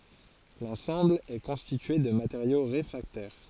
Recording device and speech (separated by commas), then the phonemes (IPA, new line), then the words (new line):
forehead accelerometer, read sentence
lɑ̃sɑ̃bl ɛ kɔ̃stitye də mateʁjo ʁefʁaktɛʁ
L'ensemble est constitué de matériaux réfractaires.